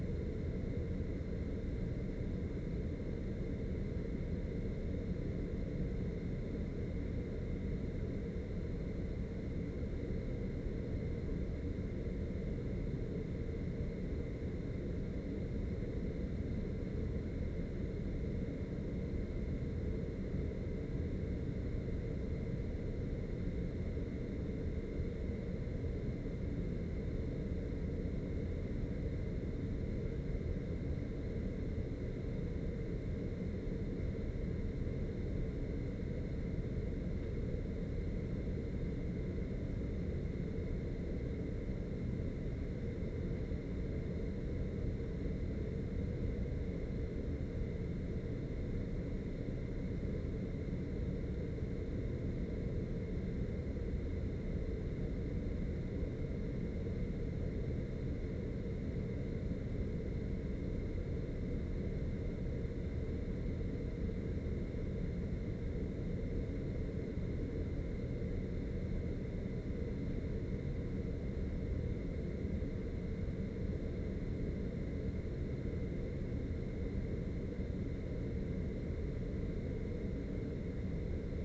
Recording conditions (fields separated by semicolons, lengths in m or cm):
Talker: no one; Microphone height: 25 cm; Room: medium-sized (5.7 m by 4.0 m); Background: none